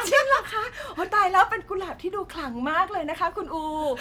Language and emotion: Thai, happy